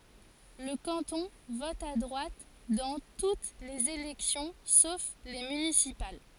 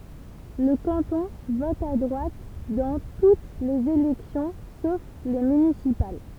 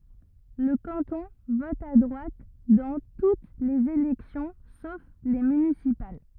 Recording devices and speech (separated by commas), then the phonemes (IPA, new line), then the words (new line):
forehead accelerometer, temple vibration pickup, rigid in-ear microphone, read sentence
lə kɑ̃tɔ̃ vɔt a dʁwat dɑ̃ tut lez elɛksjɔ̃ sof le mynisipal
Le canton vote à droite dans toutes les élections sauf les municipales.